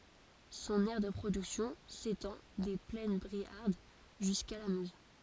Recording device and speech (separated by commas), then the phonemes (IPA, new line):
forehead accelerometer, read sentence
sɔ̃n ɛʁ də pʁodyksjɔ̃ setɑ̃ de plɛn bʁiaʁd ʒyska la møz